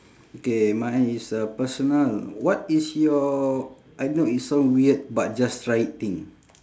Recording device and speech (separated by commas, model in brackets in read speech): standing microphone, conversation in separate rooms